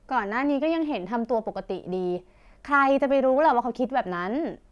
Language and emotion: Thai, frustrated